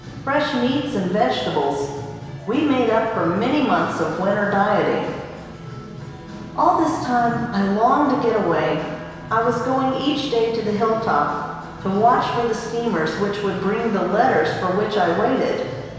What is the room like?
A large, echoing room.